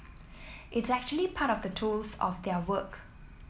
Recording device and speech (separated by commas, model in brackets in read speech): mobile phone (iPhone 7), read sentence